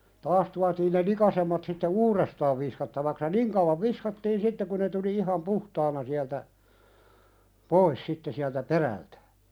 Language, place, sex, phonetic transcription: Finnish, Pälkäne, male, 'taas tuatiin ne "likasemmat sitte "uurestaav viskattavaks ja "niŋ , kauwav 'viskattiin 'sitte ku ne tuli 'iham "puhtaana siältä , "pois sitte siältä 'perältᴀ̈ .
- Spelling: taas tuotiin ne likaisemmat sitten uudestaan viskattavaksi ja niin kauan viskattiin sitten kun ne tuli ihan puhtaana sieltä pois sitten sieltä perältä

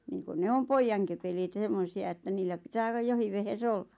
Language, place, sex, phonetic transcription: Finnish, Lappajärvi, female, niiŋkun ne "om 'poijjaŋkepeleet ʿʲᵃʾ 'semmosi₍a ᵉttä 'niillä pitää ʿᵒˡˡᵃʾ 'johiv vehe"s ‿olla .
- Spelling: niin kuin ne on pojankepeleet ja semmoisia että niillä pitää olla jokin vehje olla

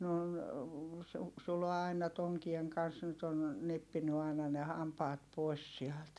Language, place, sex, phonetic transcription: Finnish, Heinola, female, ne on , Su- , Sulo aina toŋkieŋ kans nyt ‿on , neppiny ài̮na ne hampaat pòi̮s siält .
- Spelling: ne on - Sulo aina tonkien kanssa nyt on nyppinyt aina ne hampaat pois sieltä

